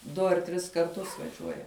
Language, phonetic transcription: Lithuanian, ˈdu ar ˈtris karˈtus vaˈžiuoja

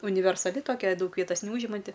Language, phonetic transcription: Lithuanian, universaˈli toˈkia ˈdaug ˈvietas neˈūžimanti

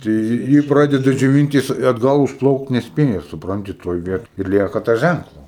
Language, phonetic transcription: Lithuanian, tai ˈjį ˈpradeda džioˈvynt ˈjis atˈgal užˈplaukt neˈspėja suˈpranti toj ˈvietoj ir ˈlieka tas ˈžænklo

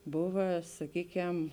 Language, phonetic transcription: Lithuanian, ˈbova saˈkyˌkem

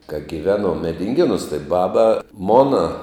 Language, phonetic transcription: Lithuanian, ka giˈveˌnuom medinˈgėˌnus tai ˈbaba ˈmona

